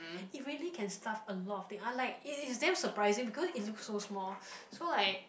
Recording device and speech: boundary microphone, conversation in the same room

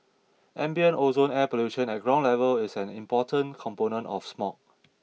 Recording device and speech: mobile phone (iPhone 6), read sentence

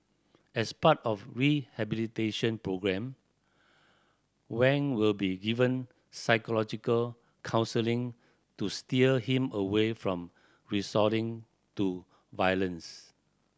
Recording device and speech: standing microphone (AKG C214), read sentence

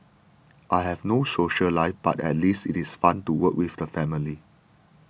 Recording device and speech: boundary microphone (BM630), read sentence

